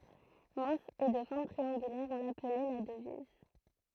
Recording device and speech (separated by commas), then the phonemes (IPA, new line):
throat microphone, read sentence
mɛ̃s e də fɔʁm tʁiɑ̃ɡylɛʁ ɔ̃ laplɛ la dəviz